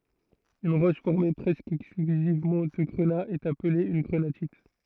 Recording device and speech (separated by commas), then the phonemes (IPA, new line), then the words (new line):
throat microphone, read sentence
yn ʁɔʃ fɔʁme pʁɛskə ɛksklyzivmɑ̃ də ɡʁəna ɛt aple yn ɡʁənatit
Une roche formée presque exclusivement de grenat est appelée une grenatite.